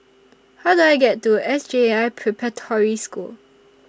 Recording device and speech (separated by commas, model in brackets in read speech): standing microphone (AKG C214), read sentence